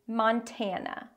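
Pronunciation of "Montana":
In 'Montana' the stress falls on the second syllable, 'tan', where the A is pronounced ah. The O in 'mon' is an open ah sound, and the last A reduces to a schwa.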